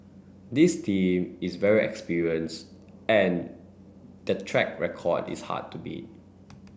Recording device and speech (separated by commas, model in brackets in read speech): boundary microphone (BM630), read sentence